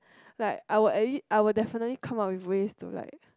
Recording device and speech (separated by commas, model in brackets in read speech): close-talking microphone, conversation in the same room